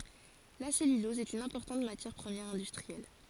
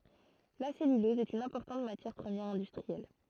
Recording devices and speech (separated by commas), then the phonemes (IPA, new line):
forehead accelerometer, throat microphone, read sentence
la sɛlylɔz ɛt yn ɛ̃pɔʁtɑ̃t matjɛʁ pʁəmjɛʁ ɛ̃dystʁiɛl